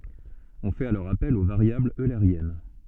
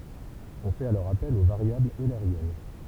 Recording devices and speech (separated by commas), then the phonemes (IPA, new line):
soft in-ear microphone, temple vibration pickup, read sentence
ɔ̃ fɛt alɔʁ apɛl o vaʁjablz øleʁjɛn